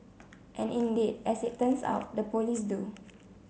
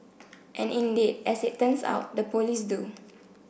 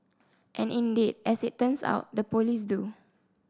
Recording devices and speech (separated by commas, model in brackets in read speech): mobile phone (Samsung C7), boundary microphone (BM630), standing microphone (AKG C214), read sentence